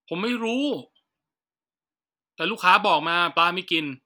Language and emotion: Thai, angry